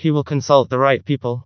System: TTS, vocoder